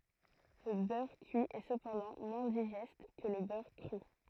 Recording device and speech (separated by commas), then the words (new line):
throat microphone, read sentence
Le beurre cuit est cependant moins digeste que le beurre cru.